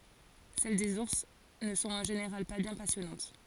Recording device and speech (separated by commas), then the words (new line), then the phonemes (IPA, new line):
forehead accelerometer, read sentence
Celles des ours ne sont en général pas bien passionnantes.
sɛl dez uʁs nə sɔ̃t ɑ̃ ʒeneʁal pa bjɛ̃ pasjɔnɑ̃t